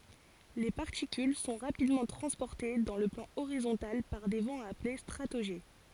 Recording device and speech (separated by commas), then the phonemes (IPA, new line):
forehead accelerometer, read sentence
le paʁtikyl sɔ̃ ʁapidmɑ̃ tʁɑ̃spɔʁte dɑ̃ lə plɑ̃ oʁizɔ̃tal paʁ de vɑ̃z aple stʁatoʒɛ